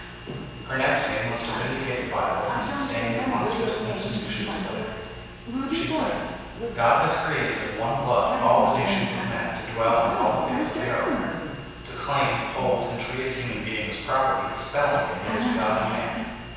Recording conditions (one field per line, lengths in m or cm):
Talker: one person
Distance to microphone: 7.1 m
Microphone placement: far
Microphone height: 1.7 m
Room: very reverberant, large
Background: television